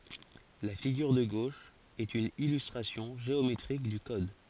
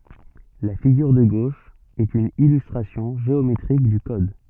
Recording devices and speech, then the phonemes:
forehead accelerometer, soft in-ear microphone, read sentence
la fiɡyʁ də ɡoʃ ɛt yn ilystʁasjɔ̃ ʒeometʁik dy kɔd

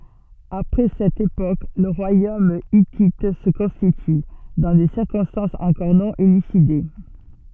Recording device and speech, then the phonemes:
soft in-ear microphone, read sentence
apʁɛ sɛt epok lə ʁwajom itit sə kɔ̃stity dɑ̃ de siʁkɔ̃stɑ̃sz ɑ̃kɔʁ nɔ̃ elyside

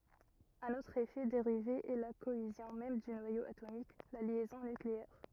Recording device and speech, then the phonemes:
rigid in-ear microphone, read sentence
œ̃n otʁ efɛ deʁive ɛ la koezjɔ̃ mɛm dy nwajo atomik la ljɛzɔ̃ nykleɛʁ

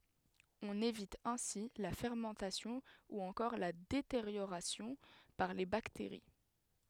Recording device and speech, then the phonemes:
headset microphone, read sentence
ɔ̃n evit ɛ̃si la fɛʁmɑ̃tasjɔ̃ u ɑ̃kɔʁ la deteʁjoʁasjɔ̃ paʁ le bakteʁi

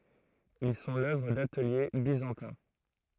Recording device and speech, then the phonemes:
throat microphone, read sentence
il sɔ̃ lœvʁ datəlje bizɑ̃tɛ̃

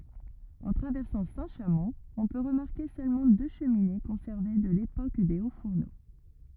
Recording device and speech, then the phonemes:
rigid in-ear microphone, read sentence
ɑ̃ tʁavɛʁsɑ̃ sɛ̃tʃamɔ̃ ɔ̃ pø ʁəmaʁke sølmɑ̃ dø ʃəmine kɔ̃sɛʁve də lepok de otsfuʁno

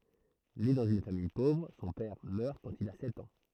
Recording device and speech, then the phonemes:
throat microphone, read sentence
ne dɑ̃z yn famij povʁ sɔ̃ pɛʁ mœʁ kɑ̃t il a sɛt ɑ̃

